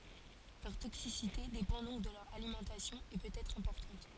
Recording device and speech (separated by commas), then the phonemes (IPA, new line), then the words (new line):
forehead accelerometer, read sentence
lœʁ toksisite depɑ̃ dɔ̃k də lœʁ alimɑ̃tasjɔ̃ e pøt ɛtʁ ɛ̃pɔʁtɑ̃t
Leur toxicité dépend donc de leur alimentation, et peut être importante.